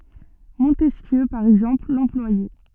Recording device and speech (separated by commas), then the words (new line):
soft in-ear microphone, read sentence
Montesquieu, par exemple, l'employait.